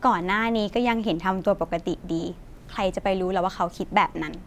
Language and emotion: Thai, frustrated